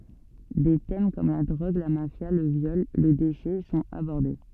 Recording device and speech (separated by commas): soft in-ear microphone, read sentence